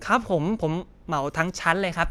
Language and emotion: Thai, happy